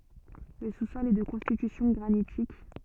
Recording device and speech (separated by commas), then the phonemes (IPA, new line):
soft in-ear microphone, read sentence
lə su sɔl ɛ də kɔ̃stitysjɔ̃ ɡʁanitik